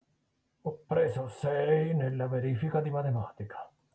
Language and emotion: Italian, neutral